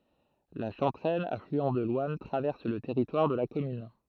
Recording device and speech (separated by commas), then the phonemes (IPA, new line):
throat microphone, read sentence
la ʃɑ̃tʁɛn aflyɑ̃ də lwan tʁavɛʁs lə tɛʁitwaʁ də la kɔmyn